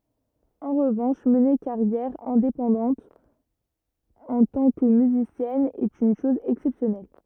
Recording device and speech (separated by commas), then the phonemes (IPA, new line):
rigid in-ear microphone, read sentence
ɑ̃ ʁəvɑ̃ʃ məne kaʁjɛʁ ɛ̃depɑ̃dɑ̃t ɑ̃ tɑ̃ kə myzisjɛn ɛt yn ʃɔz ɛksɛpsjɔnɛl